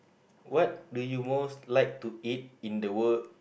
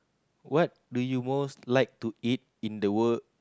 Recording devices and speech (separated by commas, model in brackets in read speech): boundary microphone, close-talking microphone, conversation in the same room